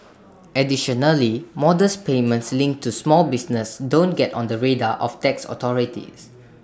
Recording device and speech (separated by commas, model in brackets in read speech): standing microphone (AKG C214), read sentence